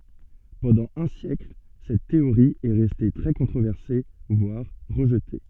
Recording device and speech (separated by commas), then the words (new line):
soft in-ear microphone, read sentence
Pendant un siècle, cette théorie est restée très controversée, voire rejetée.